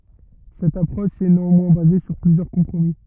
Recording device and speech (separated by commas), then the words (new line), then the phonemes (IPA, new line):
rigid in-ear microphone, read sentence
Cette approche est néanmoins basée sur plusieurs compromis.
sɛt apʁɔʃ ɛ neɑ̃mwɛ̃ baze syʁ plyzjœʁ kɔ̃pʁomi